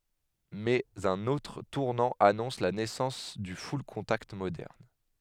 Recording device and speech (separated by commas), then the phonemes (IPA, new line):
headset microphone, read sentence
mɛz œ̃n otʁ tuʁnɑ̃ anɔ̃s la nɛsɑ̃s dy fyllkɔ̃takt modɛʁn